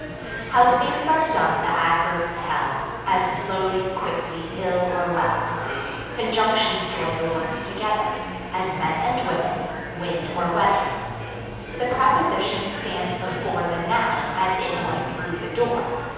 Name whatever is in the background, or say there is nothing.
Crowd babble.